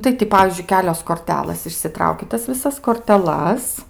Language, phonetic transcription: Lithuanian, tai ti ˈpavyzdžiui ˈkelios korˈtelɘs išsiˈtrauki ˈtas viˈsas korteˈlas

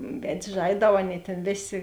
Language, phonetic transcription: Lithuanian, ˈved's' ˈžaidau ˈaˌnėi tėn ˈvėˌsė

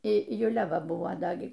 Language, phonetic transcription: Lithuanian, i juˈlia ˈva ˈbuvo ˈda ˈgi

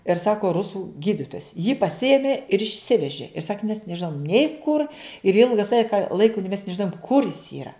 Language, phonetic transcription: Lithuanian, ir ˈsako ˈrusų ˈgyditojas jį paˈsiėmė ir išˈsiveži ir sak mes neˈžinom nei kur ir ˈilga ˈsaki ka ˈlaiko mes nežiˈnojum ˈkur jis ˈyra

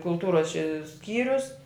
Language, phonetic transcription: Lithuanian, kulˈtūros čia ˈskyrius

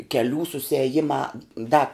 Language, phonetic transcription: Lithuanian, keˈlių suseˈjima ˈda

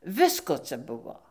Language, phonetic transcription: Lithuanian, ˈvisko ˈca ˈbuvo

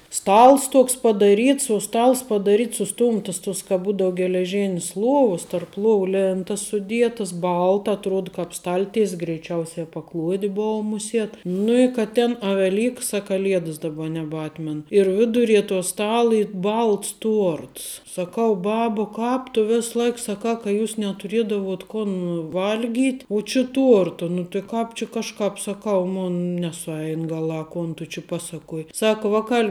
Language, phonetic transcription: Lithuanian, ˈstals ˈtuoks padaˈryts uo ˈstals padaˈryts suˈstumtəs tuos ka ˈbūdou geleˈžėn's ˈluovus tarp ˈluovu ˈlėntas suˈdietas ˈbalta atˈruod kāp ˈstal'ties' greiˈčiausia paˈkluodi ˈbuo muˈsiet ˈnu i kad ˈtėn a veˈlyks a kaˈliedəs daˈba nebˈatmen ir ˈvidurie to ˈstala ˈy ˈbalts ˈtuorts saˈkau ˈbaba ˈkāp tu ˈves ˈlaik saˈkā ka ˈjūs netuˈriedavot ˈkon ˈval'gyt' uo či ˈtuorta nu ti ˈkāp či ˈkažkāp saˈkau ˈmon nesuˈein ˈgaˌlā ˈkon tu či ˈpasaˌkuoj ˈsaka ˈvakal'

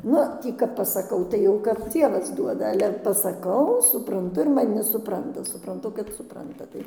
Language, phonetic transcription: Lithuanian, ˈnu ˈtį kap pasaˈkau tai ˈjau kap ˈdzievas ˈduoda ˈale pasaˈkau supranˈtu ir maˈni suˈpranta supranˈtu kad suˈpranta ˈtai

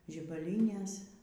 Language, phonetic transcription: Lithuanian, žibaˈlynės

